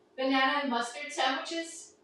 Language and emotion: English, fearful